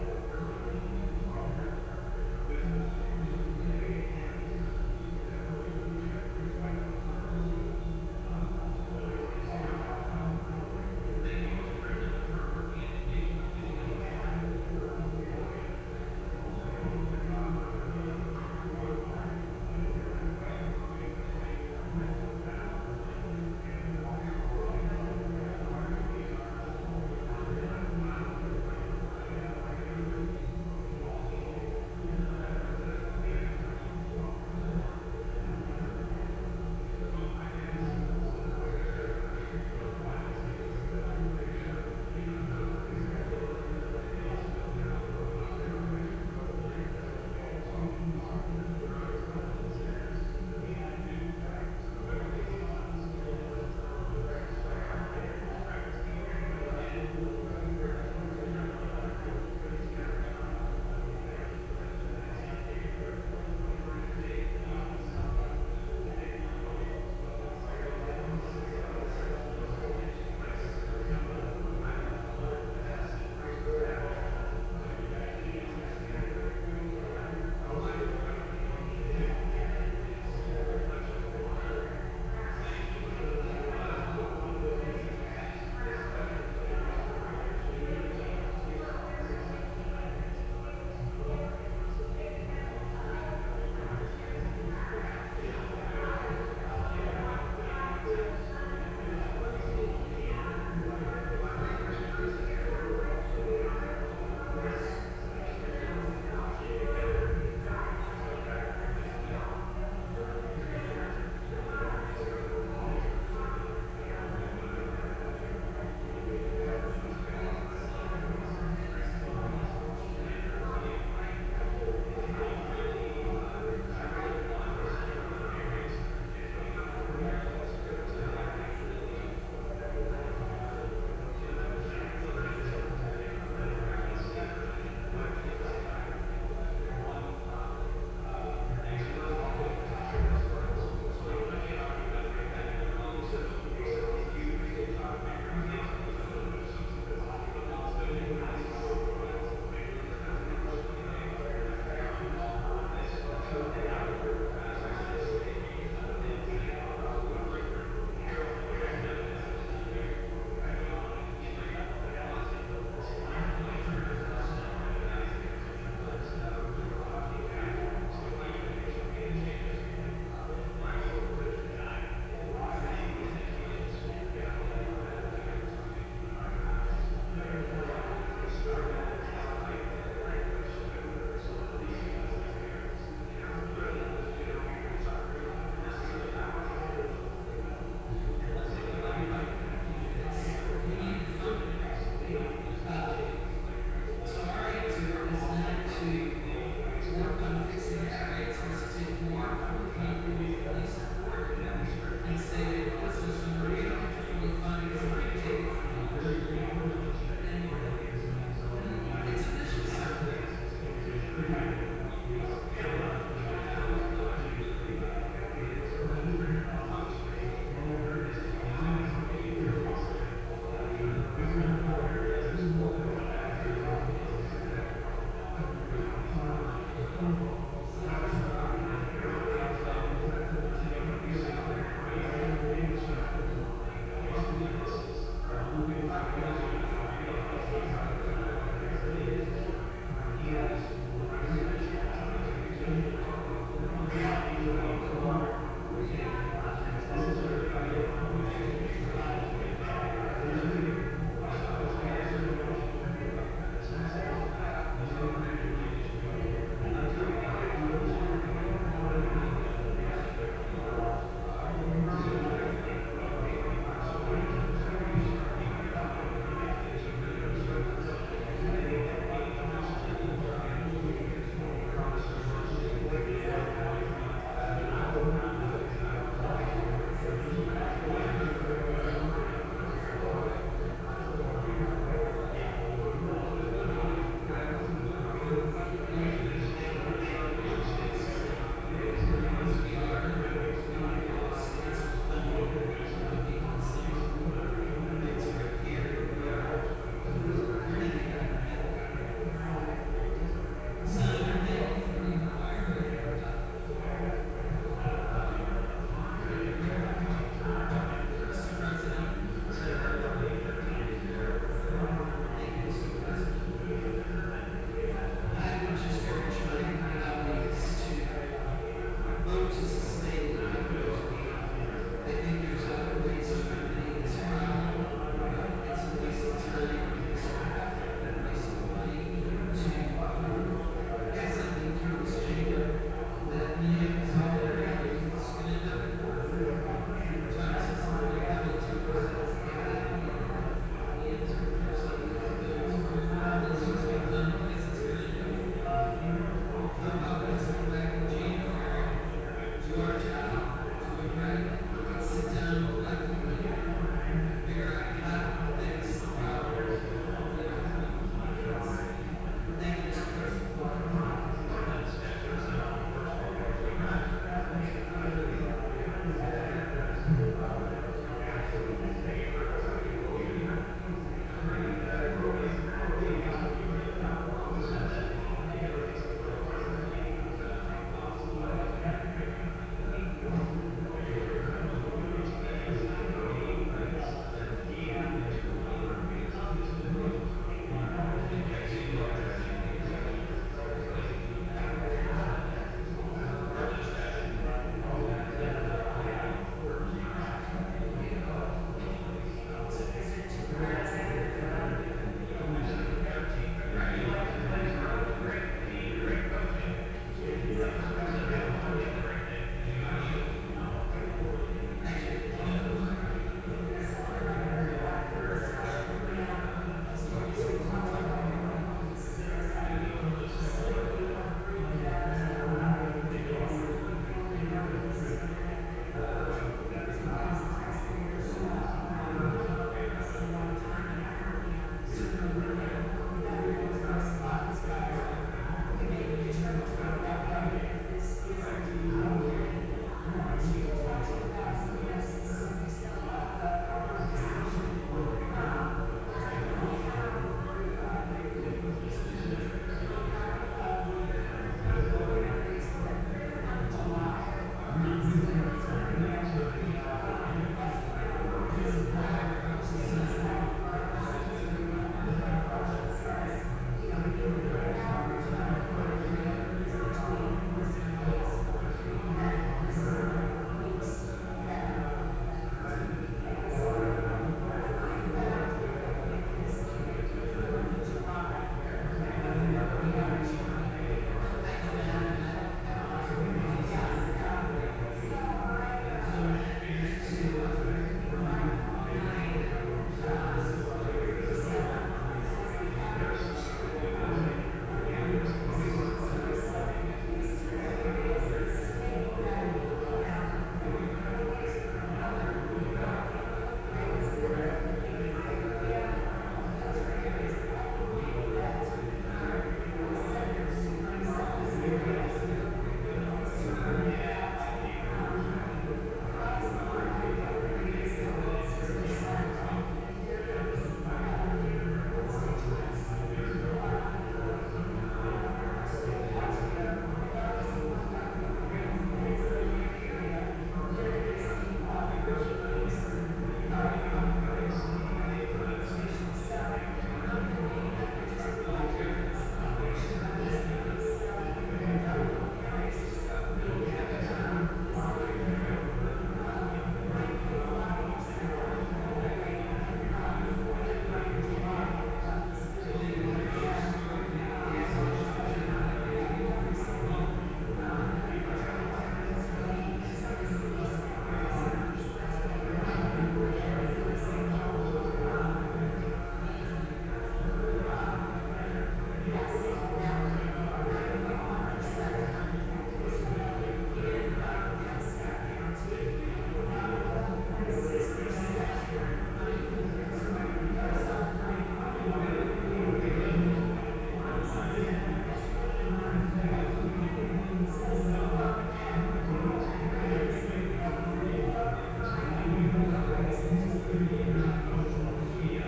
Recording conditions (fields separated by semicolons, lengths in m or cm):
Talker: no one; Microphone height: 56 cm; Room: very reverberant, large; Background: babble